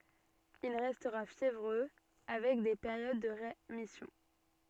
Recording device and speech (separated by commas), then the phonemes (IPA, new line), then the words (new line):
soft in-ear microphone, read sentence
il ʁɛstʁa fjevʁø avɛk de peʁjod də ʁemisjɔ̃
Il restera fiévreux, avec des périodes de rémission.